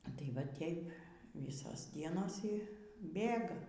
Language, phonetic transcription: Lithuanian, a ˈtai va ˈtėip ˈvysos ˈdienos ˈy ˈbėga

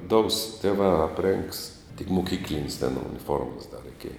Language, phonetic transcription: Lithuanian, dous tėˈvā apˈrėngs tik muˈkyklinis ten uniˈformas da reiˈkėja

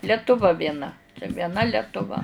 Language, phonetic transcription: Lithuanian, letuˈva vieˈna vieˈna letuˈva

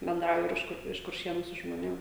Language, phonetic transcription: Lithuanian, benˈdrauju ir ˈiš kur iš kurˈšienu su žmoˈnėm

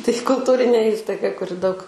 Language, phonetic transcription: Lithuanian, tai kulˈtūrinė ˈįstaiga kuˈri daug

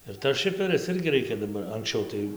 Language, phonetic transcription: Lithuanian, ir tas ˈšiferis ˈirgi ˈreikia daˈbar anksˈčiau tai

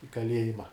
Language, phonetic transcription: Lithuanian, i kaˈliejima

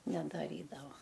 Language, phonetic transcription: Lithuanian, nedaˈrydava

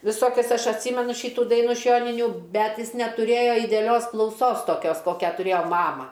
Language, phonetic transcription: Lithuanian, viˈsokias ˈaš atˈsymenu ˈšitų ˈdainų iš ˈjoninių ˈbet ˈjis netuˈrėja ideaˈlios klauˈsos toˈkios ˈkokia tuˈrėjo ˈmama

